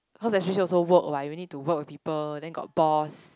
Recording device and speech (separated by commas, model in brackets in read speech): close-talking microphone, conversation in the same room